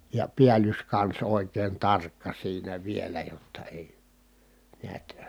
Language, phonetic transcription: Finnish, ja piälyskans òi̮k̀een tarkka siinä vielä jotta èi , niät ,.
- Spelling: ja päällyskansi oikein tarkka siinä vielä jotta ei näet

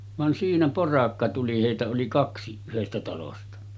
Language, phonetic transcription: Finnish, van siinä 'porakka tuli hèitä oli 'kaksi , yhestä talosta .
- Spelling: vaan siinä porakka tuli heitä oli kaksi yhdestä talosta

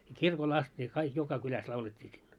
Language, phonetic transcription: Finnish, ja 'kirkol 'ast ne , kaik 'joka 'kyläs laulet́t́ii sillo .
- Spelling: ja kirkolla asti ne kaikki joka kylässä laulettiin silloin

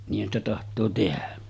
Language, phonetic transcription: Finnish, niih̆hän ‿stä taht̀oo tehä .
- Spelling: niinhän sitä tahtoo tehdä

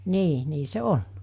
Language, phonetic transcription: Finnish, 'nii , nii se "on .
- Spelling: niin niin se on

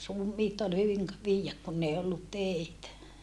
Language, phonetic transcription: Finnish, ruum̀iit ol hyviŋ ‿k- , viijjäk kunn ‿ei ollut tèitä .
- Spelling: ruumiit oli hyvin - viedä kun ei ollut teitä

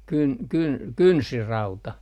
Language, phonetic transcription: Finnish, 'kyn - 'kyn - "kynsirauta .
- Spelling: - - kynsirauta

